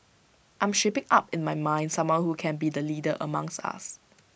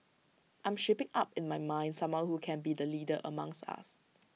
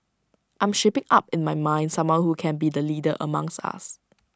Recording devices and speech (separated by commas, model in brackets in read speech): boundary microphone (BM630), mobile phone (iPhone 6), standing microphone (AKG C214), read sentence